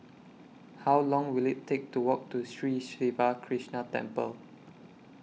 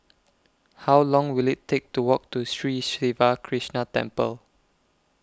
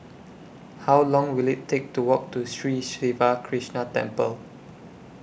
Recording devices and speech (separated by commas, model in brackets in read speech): mobile phone (iPhone 6), close-talking microphone (WH20), boundary microphone (BM630), read sentence